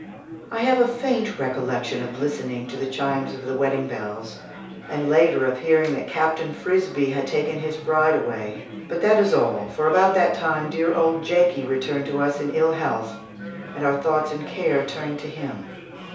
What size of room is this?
A small room.